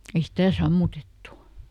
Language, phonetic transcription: Finnish, ei "stä̀ ˈsammutettu .
- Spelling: ei sitä sammutettu

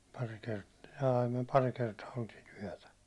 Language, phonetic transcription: Finnish, pari kert- , jaa (ei) myö 'pari 'kertaa oltii'n ‿yäₒtä .
- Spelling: pari - jaa ei me pari kertaa oltiin yötä

